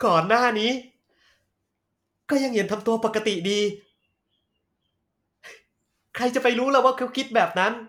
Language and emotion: Thai, frustrated